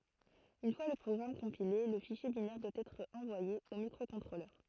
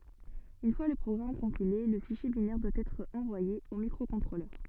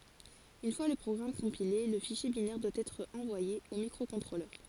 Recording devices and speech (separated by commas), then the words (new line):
throat microphone, soft in-ear microphone, forehead accelerometer, read sentence
Une fois le programme compilé, le fichier binaire doit être envoyé au microcontrôleur.